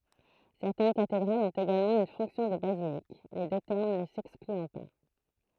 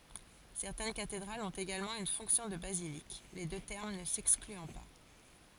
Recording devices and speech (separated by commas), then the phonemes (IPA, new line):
throat microphone, forehead accelerometer, read sentence
sɛʁtɛn katedʁalz ɔ̃t eɡalmɑ̃ yn fɔ̃ksjɔ̃ də bazilik le dø tɛʁm nə sɛksklyɑ̃ pa